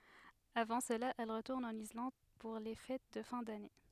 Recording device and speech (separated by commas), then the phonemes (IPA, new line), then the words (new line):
headset microphone, read sentence
avɑ̃ səla ɛl ʁətuʁn ɑ̃n islɑ̃d puʁ le fɛt də fɛ̃ dane
Avant cela, elle retourne en Islande pour les fêtes de fin d'année.